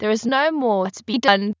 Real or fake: fake